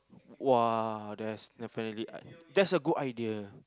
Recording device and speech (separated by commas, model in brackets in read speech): close-talking microphone, conversation in the same room